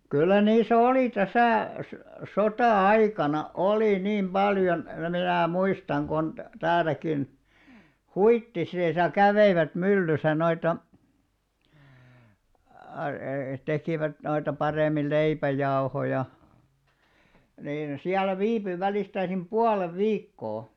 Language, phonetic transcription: Finnish, 'kyllä 'niisᵃ̈ 'oli täsä̀ , sᵒ- "sotà₍"aikana "olì 'niim 'ʙaljon , minä̀ 'muistan kon , tääläkin , "Huittisìsa 'käveivät 'myllysä noita , aa+- 'tekìvät noita 'parem̆mil "leipä'jaohoja , niin , siäl̆lä 'viipy 'välistäisim "ʙualev "viikkoo .
- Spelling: kyllä niissä oli tässä - sota-aikana oli niin paljon minä muistan kun täälläkin Huittisissa kävivät myllyssä noita - tekivät noita paremmin leipäjauhoja niin siellä viipyi välistäisin puolen viikkoa

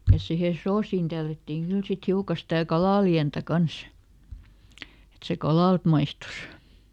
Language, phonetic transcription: Finnish, ja ˈsihe "soosiin ˈtällättiiŋ ˈkyl sit ˈhiuka stä̀ "kalàliäntä ˈkans , et se "kalàlt ˈmaistus .
- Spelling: ja siihen soosiin tällättiin kyllä sitten hiukan sitä kalalientä kanssa että se kalalta maistui

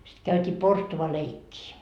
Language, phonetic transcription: Finnish, sit käyt́ii "porstuvaleikkii .
- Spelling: sitten käytiin porstualeikkiä

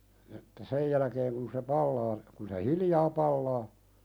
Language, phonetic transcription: Finnish, että 'sej jäläkeeŋ kun se "pallaa , kun se "hiljaa 'pallaa ,.
- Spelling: että sen jälkeen kun se palaa kun se hiljaa palaa

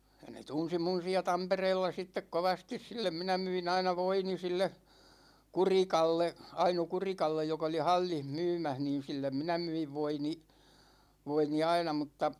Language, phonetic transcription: Finnish, (ja) ne 'tunsi mun̬ siä "Tampereella sittek "kovastis sillem 'minä myi'n ‿aina "voini 'sille , "Kurikalle , 'Aino "Kurikallej jokᵃ oli "hal͕l͕in "mymäh niin̬ 'sillem "minä 'myiv 'voini , 'voini "aina mutta ,.
- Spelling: ja ne tunsi minun siellä Tampereella sitten kovasti sille minä myin aina voini sille Kurikalle Aino Kurikalle joka oli hallissa myymässä niin sille minä myin voini voini aina mutta

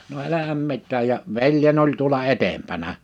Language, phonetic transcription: Finnish, no 'elähäm 'mit̆tääj ja , 'veljeń ‿oĺ tuola 'etempänä .
- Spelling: no eihän mitään ja veljeni oli tuolla edempänä

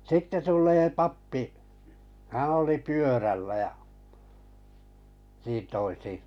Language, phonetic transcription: Finnish, sitte 'tul̆lee "pappi , 'hää̰ oli "pyörällä ja , niin toisi .
- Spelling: sitten tulee pappi hän oli pyörällä ja niin toisin

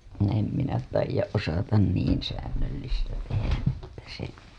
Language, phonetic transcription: Finnish, em minä taij̆jaˀ ˀosatan 'niin säännöllistä tehäˀ ˀettä se .
- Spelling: en minä taida osata niin säännöllistä tehdä että se

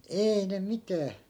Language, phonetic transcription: Finnish, 'eei ne 'mitää ,
- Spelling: ei ne mitään

